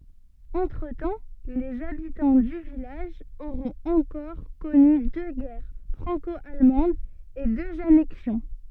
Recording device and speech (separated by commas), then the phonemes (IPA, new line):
soft in-ear microphone, read sentence
ɑ̃tʁətɑ̃ lez abitɑ̃ dy vilaʒ oʁɔ̃t ɑ̃kɔʁ kɔny dø ɡɛʁ fʁɑ̃kɔalmɑ̃dz e døz anɛksjɔ̃